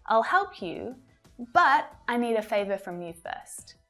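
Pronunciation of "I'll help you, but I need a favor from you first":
In this sentence, 'but' is stressed and has a strong uh vowel sound.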